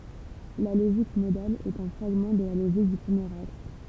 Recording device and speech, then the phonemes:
temple vibration pickup, read sentence
la loʒik modal ɛt œ̃ fʁaɡmɑ̃ də la loʒik dy pʁəmjeʁ ɔʁdʁ

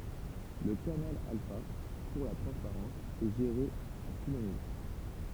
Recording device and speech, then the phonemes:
temple vibration pickup, read sentence
lə kanal alfa puʁ la tʁɑ̃spaʁɑ̃s ɛ ʒeʁe a tu le nivo

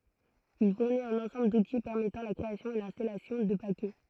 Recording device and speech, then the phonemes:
throat microphone, read sentence
il fuʁnit œ̃n ɑ̃sɑ̃bl duti pɛʁmɛtɑ̃ la kʁeasjɔ̃ e lɛ̃stalasjɔ̃ də pakɛ

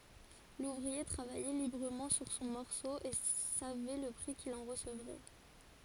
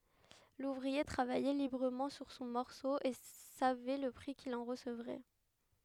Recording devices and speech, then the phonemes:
forehead accelerometer, headset microphone, read sentence
luvʁie tʁavajɛ libʁəmɑ̃ syʁ sɔ̃ mɔʁso e savɛ lə pʁi kil ɑ̃ ʁəsəvʁɛ

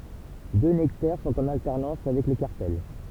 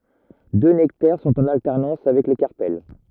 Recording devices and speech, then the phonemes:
temple vibration pickup, rigid in-ear microphone, read sentence
dø nɛktɛʁ sɔ̃t ɑ̃n altɛʁnɑ̃s avɛk le kaʁpɛl

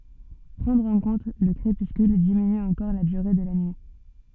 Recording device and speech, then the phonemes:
soft in-ear microphone, read sentence
pʁɑ̃dʁ ɑ̃ kɔ̃t lə kʁepyskyl diminy ɑ̃kɔʁ la dyʁe də la nyi

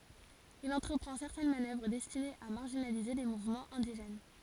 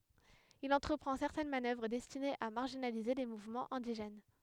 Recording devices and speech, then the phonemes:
forehead accelerometer, headset microphone, read sentence
il ɑ̃tʁəpʁɑ̃ sɛʁtɛn manœvʁ dɛstinez a maʁʒinalize le muvmɑ̃z ɛ̃diʒɛn

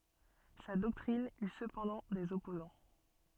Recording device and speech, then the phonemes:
soft in-ear microphone, read sentence
sa dɔktʁin y səpɑ̃dɑ̃ dez ɔpozɑ̃

